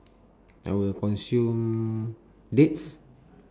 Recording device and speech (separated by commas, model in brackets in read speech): standing microphone, conversation in separate rooms